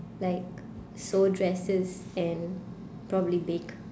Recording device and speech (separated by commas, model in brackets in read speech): standing microphone, conversation in separate rooms